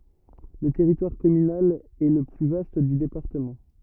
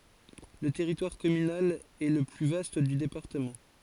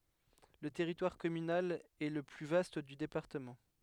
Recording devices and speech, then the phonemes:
rigid in-ear microphone, forehead accelerometer, headset microphone, read sentence
lə tɛʁitwaʁ kɔmynal ɛ lə ply vast dy depaʁtəmɑ̃

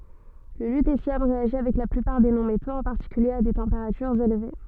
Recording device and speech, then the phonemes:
soft in-ear microphone, read sentence
lə lytesjɔm ʁeaʒi avɛk la plypaʁ de nɔ̃ metoz ɑ̃ paʁtikylje a de tɑ̃peʁatyʁz elve

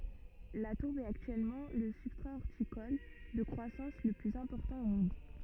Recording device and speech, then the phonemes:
rigid in-ear microphone, read sentence
la tuʁb ɛt aktyɛlmɑ̃ lə sybstʁa ɔʁtikɔl də kʁwasɑ̃s lə plyz ɛ̃pɔʁtɑ̃ o mɔ̃d

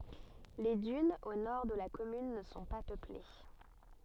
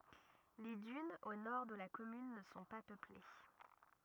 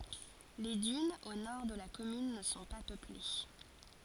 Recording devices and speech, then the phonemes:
soft in-ear microphone, rigid in-ear microphone, forehead accelerometer, read sentence
le dynz o nɔʁ də la kɔmyn nə sɔ̃ pa pøple

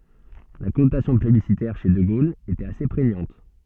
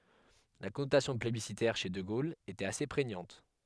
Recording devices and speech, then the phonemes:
soft in-ear microphone, headset microphone, read sentence
la kɔnotasjɔ̃ plebisitɛʁ ʃe də ɡol etɛt ase pʁeɲɑ̃t

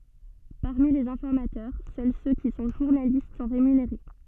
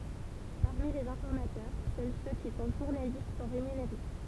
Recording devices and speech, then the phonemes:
soft in-ear microphone, temple vibration pickup, read sentence
paʁmi lez ɛ̃fɔʁmatœʁ sœl sø ki sɔ̃ ʒuʁnalist sɔ̃ ʁemyneʁe

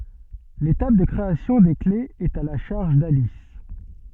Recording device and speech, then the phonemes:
soft in-ear microphone, read sentence
letap də kʁeasjɔ̃ de klez ɛt a la ʃaʁʒ dalis

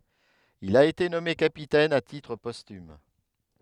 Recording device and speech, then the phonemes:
headset microphone, read sentence
il a ete nɔme kapitɛn a titʁ pɔstym

